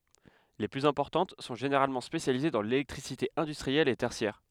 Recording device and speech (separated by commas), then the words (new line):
headset microphone, read sentence
Les plus importantes sont généralement spécialisées dans l'électricité industrielle et tertiaire.